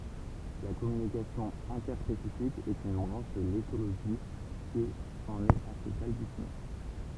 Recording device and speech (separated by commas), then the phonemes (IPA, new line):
temple vibration pickup, read sentence
la kɔmynikasjɔ̃ ɛ̃tɛʁspesifik ɛt yn bʁɑ̃ʃ də letoloʒi ki ɑ̃n ɛt a se balbysimɑ̃